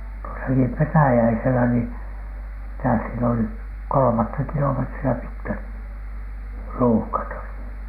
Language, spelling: Finnish, tuossakin Petäjäisellä niin mitä siellä oli kolmatta kilometriä pitkät ruuhkat olivat
- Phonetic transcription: tuosaki "Petäjäiselä nii , mitä siel ‿oli , 'kolomatta 'kilometri₍ä pitkät , "ruuhkat olit .

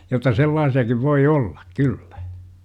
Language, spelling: Finnish, jotta sellaisiakin voi olla kyllä
- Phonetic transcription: jot̆ta 'sellaasi₍akiv voi "ollAk "kyllÄ .

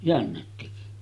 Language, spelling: Finnish, jänne teki
- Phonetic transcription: jännet teki .

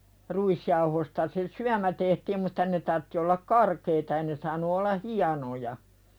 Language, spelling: Finnish, ruisjauhosta se syömä tehtiin mutta ne tarvitsi olla karkeita ei ne saanut olla hienoja
- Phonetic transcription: 'ruisjauhosta se "syämä tehtiim mut̆ta 'ne tartti ollak "karkeita ei ne saanu olla "hianoja .

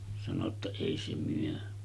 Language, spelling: Finnish, sanoi jotta ei se myy
- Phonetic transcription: sano ‿tta » 'èi se myö .

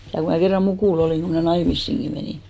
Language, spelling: Finnish, ja kun minä kerran mukula olin kun minä naimisiinkin menin
- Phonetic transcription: ja 'ku mä 'kerra "mukùl ‿olìŋ ku mnä̀ 'naimissiŋki menì .

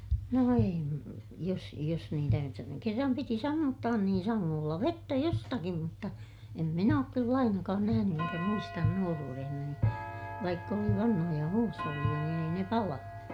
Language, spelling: Finnish, no - jos jos niitä jotta ne kerran piti sammuttaa niin sangoilla vettä jostakin mutta en minä ole kyllä ainakaan nähnyt enkä muista nuoruudessani vaikka oli vanhoja huusholleja niin ei ne palanut
- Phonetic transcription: no em- , jos , jos niitä (jotta ne) kerram piti sammuttaan niin saŋŋoolla vettä jostakim mutta , em min ‿ook kyll ‿ainakaan nähäny eŋkä muistan nuoruurehnani , vaikk ‿oli vanhoja huusholliʲa niin ‿ei ne palanu .

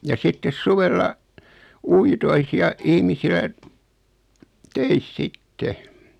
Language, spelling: Finnish, ja sitten suvella uitoissa ja ihmisillä töissä sitten
- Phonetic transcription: ja sittes "suvella , 'uitois ja , 'ihmisilä , "töis 'sitte .

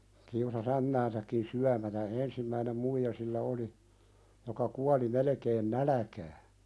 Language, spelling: Finnish, kiusasi ämmäänsäkin syömättä ensimmäinen muija sillä oli joka kuoli melkein nälkään
- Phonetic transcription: kiusa"s ‿ämmäänsäkkin 'syämätä "ensimmäinem 'muija sillä oli , joka 'kuali 'melᵉkeen "nälᵃ̈kää .

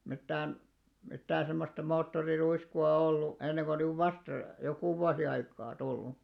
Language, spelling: Finnish, mitään mitään semmoista moottoriruiskua ollut ennen kuin nyt vasta joku vuosi aikaa tullut
- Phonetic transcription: mittään , 'mittäää̰ 'semmosta 'moottori'ruisku₍a ollu , enneŋɢᴏ 'nyv "vasta , "jokù 'vuasi 'aikaa , "tullu .

